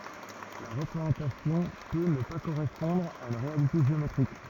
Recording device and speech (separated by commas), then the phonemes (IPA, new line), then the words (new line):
rigid in-ear microphone, read sentence
la ʁəpʁezɑ̃tasjɔ̃ pø nə pa koʁɛspɔ̃dʁ a yn ʁealite ʒeometʁik
La représentation peut ne pas correspondre à une réalité géométrique.